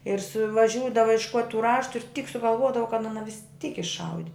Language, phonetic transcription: Lithuanian, ir suvaˈžiūdava išˈkuot' tų ˈraštu ir tyk sugalˈvuodava kad ˈana visˈtyk išˈaudi

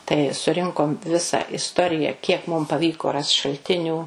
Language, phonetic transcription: Lithuanian, tai suˈrinkom visa isˈtorija ˈkiek mum paˈvyko rast šalˈtinių

